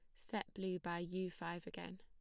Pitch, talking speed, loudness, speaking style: 175 Hz, 200 wpm, -45 LUFS, plain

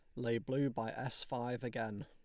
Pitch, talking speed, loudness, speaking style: 120 Hz, 195 wpm, -39 LUFS, Lombard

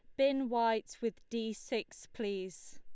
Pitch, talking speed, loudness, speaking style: 230 Hz, 140 wpm, -36 LUFS, Lombard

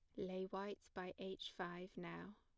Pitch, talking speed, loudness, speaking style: 185 Hz, 165 wpm, -49 LUFS, plain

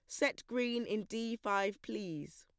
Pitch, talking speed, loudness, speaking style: 225 Hz, 165 wpm, -37 LUFS, plain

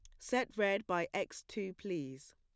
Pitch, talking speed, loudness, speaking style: 190 Hz, 170 wpm, -37 LUFS, plain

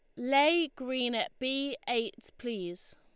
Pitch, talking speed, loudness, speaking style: 260 Hz, 130 wpm, -31 LUFS, Lombard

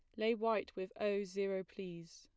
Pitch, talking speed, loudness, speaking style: 200 Hz, 185 wpm, -39 LUFS, plain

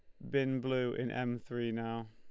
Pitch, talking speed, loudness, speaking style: 120 Hz, 205 wpm, -36 LUFS, Lombard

